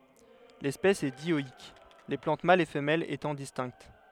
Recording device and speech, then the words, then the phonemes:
headset microphone, read sentence
L'espèce est dioïque, les plantes mâles et femelles étant distinctes.
lɛspɛs ɛ djɔik le plɑ̃t malz e fəmɛlz etɑ̃ distɛ̃kt

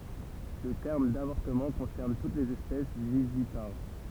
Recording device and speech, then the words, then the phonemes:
temple vibration pickup, read sentence
Le terme d'avortement concerne toutes les espèces vivipares.
lə tɛʁm davɔʁtəmɑ̃ kɔ̃sɛʁn tut lez ɛspɛs vivipaʁ

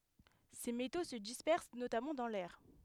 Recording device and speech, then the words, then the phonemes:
headset microphone, read sentence
Ces métaux se dispersent notamment dans l'air.
se meto sə dispɛʁs notamɑ̃ dɑ̃ lɛʁ

